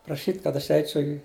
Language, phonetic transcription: Lithuanian, praˈšyt' kad aš ˈeičiau i

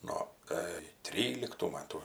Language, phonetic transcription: Lithuanian, ˈno ˈkai ˈtryliktų ˈmatų

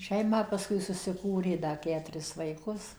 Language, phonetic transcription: Lithuanian, ˈšeimą paˈskui susiˈkūrė ˈda ˈketuris vaiˈkus

